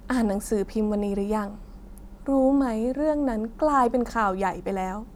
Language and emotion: Thai, sad